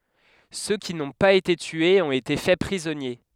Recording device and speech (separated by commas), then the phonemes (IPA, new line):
headset microphone, read sentence
sø ki nɔ̃ paz ete tyez ɔ̃t ete fɛ pʁizɔnje